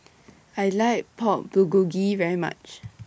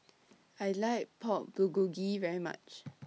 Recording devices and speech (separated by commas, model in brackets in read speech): boundary microphone (BM630), mobile phone (iPhone 6), read sentence